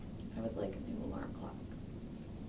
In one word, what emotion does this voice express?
neutral